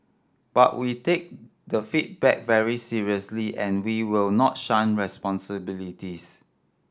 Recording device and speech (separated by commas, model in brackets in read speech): standing microphone (AKG C214), read sentence